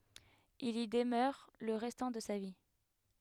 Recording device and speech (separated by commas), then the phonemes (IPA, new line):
headset microphone, read sentence
il i dəmœʁ lə ʁɛstɑ̃ də sa vi